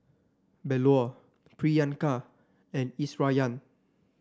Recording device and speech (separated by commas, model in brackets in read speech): standing microphone (AKG C214), read sentence